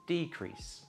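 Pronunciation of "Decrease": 'Decrease' is said as the noun, with the stress at the beginning of the word.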